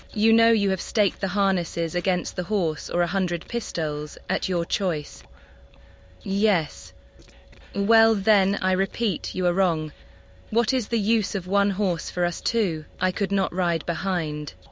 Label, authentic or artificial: artificial